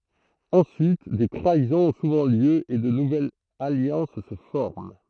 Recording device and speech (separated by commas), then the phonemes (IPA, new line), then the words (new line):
throat microphone, read sentence
ɑ̃syit de tʁaizɔ̃z ɔ̃ suvɑ̃ ljø e də nuvɛlz aljɑ̃s sə fɔʁm
Ensuite, des trahisons ont souvent lieu et de nouvelles alliances se forment.